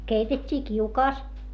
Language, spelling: Finnish, keitettiin kiukaassa
- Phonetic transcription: keitet́t́ii kiukaas .

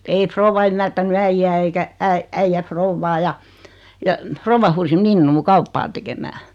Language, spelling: Finnish, ei rouva ymmärtänyt äijää eikä - äijä rouvaa ja ja rouva huusi minua kauppaa tekemään
- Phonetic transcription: ei 'frouva ymmärtäny "äijjä eikä , 'äi- , 'äijjä "frouvvaa ja , ja , 'frouvva huusi 'minnuu 'kauppaa tekemää .

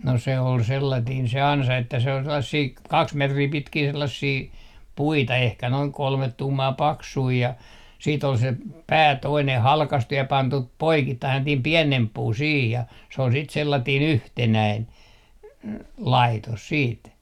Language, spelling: Finnish, no se oli sellainen se ansa että se oli sellaisia kaksi metriä pitkiä sellaisia puita ehkä noin kolme tuumaa paksuja ja sitten oli se pää toinen halkaistu ja pantu poikittain sellainen pienempi puu siihen ja se oli sitten sellainen yhtenäinen laitos sitten
- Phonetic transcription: no se ol 'sellatiin 'se "ansa että se ‿ol 'sellassii , 'kaks 'metrii 'pitkii 'sellassii , "puita ehkä noiŋ 'kolmet 'tuumaa "paksui ja , sii't ‿ol se , "pää 'toineh 'halkastu ja 'pantu , 'poikittain sellatiim "piɛnemp "puu siih ja se ol sit 'sellatiin "yhtenäin , "laitos 'siit .

